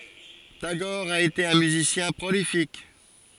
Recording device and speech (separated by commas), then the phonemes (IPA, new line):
forehead accelerometer, read sentence
taɡɔʁ a ete œ̃ myzisjɛ̃ pʁolifik